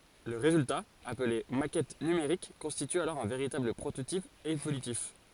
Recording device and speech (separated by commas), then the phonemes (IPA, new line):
forehead accelerometer, read sentence
lə ʁezylta aple makɛt nymeʁik kɔ̃stity alɔʁ œ̃ veʁitabl pʁototip evolytif